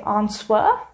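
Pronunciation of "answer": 'Answer' is pronounced incorrectly here, with the W sounded.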